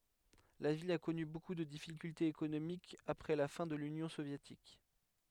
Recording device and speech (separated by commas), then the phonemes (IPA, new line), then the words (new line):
headset microphone, read sentence
la vil a kɔny boku də difikyltez ekonomikz apʁɛ la fɛ̃ də lynjɔ̃ sovjetik
La ville a connu beaucoup de difficultés économiques après la fin de l'Union soviétique.